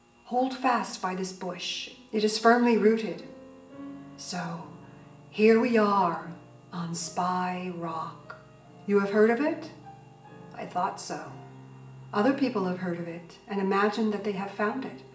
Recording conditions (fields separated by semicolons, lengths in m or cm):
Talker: one person; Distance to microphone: 1.8 m; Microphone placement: close; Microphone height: 1.0 m; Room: large; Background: music